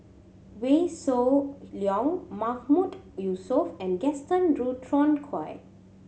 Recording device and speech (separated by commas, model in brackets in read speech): mobile phone (Samsung C7100), read sentence